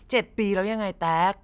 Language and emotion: Thai, frustrated